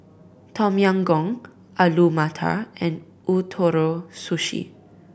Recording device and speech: boundary microphone (BM630), read sentence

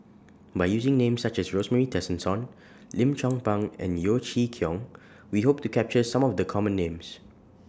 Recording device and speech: standing microphone (AKG C214), read sentence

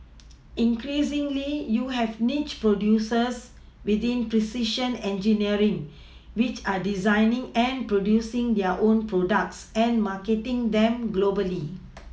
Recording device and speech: mobile phone (iPhone 6), read sentence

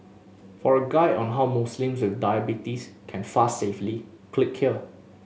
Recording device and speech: mobile phone (Samsung S8), read sentence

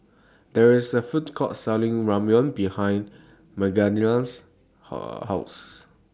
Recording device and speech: standing microphone (AKG C214), read sentence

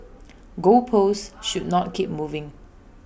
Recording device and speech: boundary microphone (BM630), read sentence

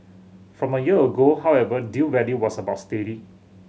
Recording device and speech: mobile phone (Samsung C7100), read sentence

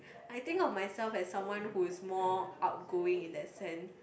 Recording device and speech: boundary microphone, conversation in the same room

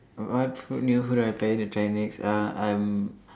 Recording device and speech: standing microphone, conversation in separate rooms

